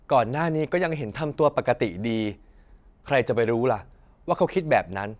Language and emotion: Thai, neutral